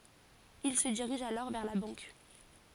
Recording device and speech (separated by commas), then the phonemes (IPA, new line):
forehead accelerometer, read sentence
il sə diʁiʒ alɔʁ vɛʁ la bɑ̃k